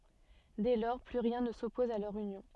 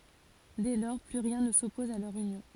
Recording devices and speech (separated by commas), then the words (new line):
soft in-ear microphone, forehead accelerometer, read sentence
Dès lors, plus rien ne s'oppose à leur union.